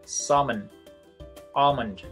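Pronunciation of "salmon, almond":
'Salmon' and 'almond' are pronounced correctly here.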